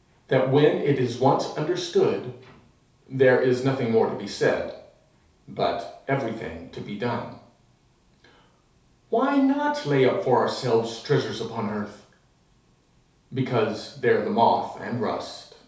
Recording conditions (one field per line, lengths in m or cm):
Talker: one person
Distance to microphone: 3.0 m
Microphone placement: far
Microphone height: 1.8 m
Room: small (3.7 m by 2.7 m)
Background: none